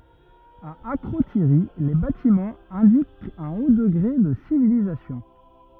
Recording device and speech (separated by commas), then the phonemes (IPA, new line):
rigid in-ear microphone, read sentence
a akʁotiʁi le batimɑ̃z ɛ̃dikt œ̃ o dəɡʁe də sivilizasjɔ̃